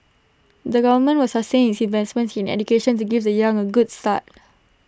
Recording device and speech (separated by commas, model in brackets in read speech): standing microphone (AKG C214), read sentence